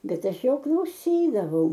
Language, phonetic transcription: Lithuanian, ˈbet ˈaš ˈjo klauˈsydavau

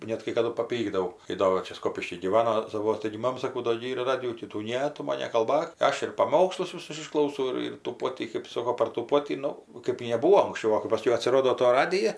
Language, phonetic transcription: Lithuanian, ˈnet kai kaˈdu paˈpykdavau kai ˈdo va ˈčia ˈskopišky gyˈvano saˈvuos taigi ˈmama saˈkau do gi ˈyr ˈradijų tį ˈtų ˈne ˈtu man nekalˈbak ˈaš ir paˈmokslus viˈsus išklauˈsau ˈir ir tų ˈpotį kɜp ˈsoko par tų ˈpotį ˈnu kɜp neˈbūo anksˈčiau ˈva kɜp ˈpaskiau atsiˈrodo to ˈradija

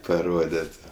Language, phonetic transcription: Lithuanian, paˈrodėt'

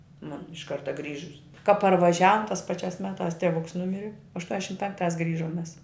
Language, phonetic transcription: Lithuanian, ˈmun iš ˈkarta ˈgrįžus ka parvaˈžiavum tās ˈpaˌčiās ˈmeˌtās teˈvuks ˈnumiri aštuoneˈšim ˈpenkˌtās ˈgrižom mes

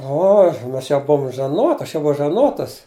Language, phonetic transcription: Lithuanian, ˈoh ˈmas jau ˈbuum žaˈnot ˈaš jau ˈbuvau žaˈnotas

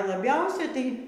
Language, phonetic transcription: Lithuanian, laˈbiausia tai

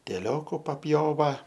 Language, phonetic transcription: Lithuanian, ˈteˈlioku papˈjova

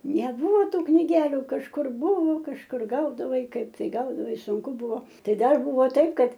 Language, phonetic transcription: Lithuanian, neˈbūvo ˈtų kniˈgeliu kažˈkur ˈbuvo kažˈkur ˈgaudavai ˈkaip tai ˈgaudavai ˈsunku ˈbuvo ˈtai ˈdar ˈbuvo ˈtaip ˈkad

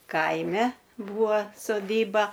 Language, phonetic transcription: Lithuanian, ˈkaime ˈbūva soˈdyba

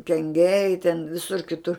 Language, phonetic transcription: Lithuanian, kenˈgiai ten ˈvisur kiˈtur

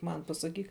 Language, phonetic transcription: Lithuanian, ˈman pasaˈkyk

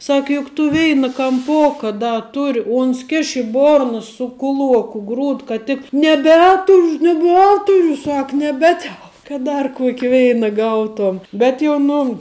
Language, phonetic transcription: Lithuanian, ˈsak juk tu ˈveina kamˈpoka ˈda ˈturi ˈuns ˈkiš i ˈborna su kuˈluoku ˈgrūd kad ˈtik neˈbeturu neˈbeturiu ˈsak neˈbetel kad ˈdar ˈkuoki ˈveina ˈgauˌtuom ˈbet jau ˈnu

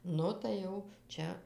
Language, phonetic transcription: Lithuanian, ˈnu tai ˈjau ˈčia

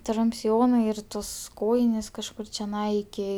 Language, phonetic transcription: Lithuanian, ˈtrum'p' siˈjonai ir ˈtos ˈkojinės kažˈkur čeˈnai iˈki

